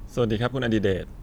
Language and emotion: Thai, neutral